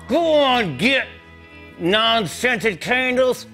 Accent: Country-western accent